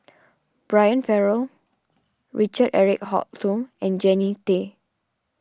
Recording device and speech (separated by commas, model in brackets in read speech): standing microphone (AKG C214), read sentence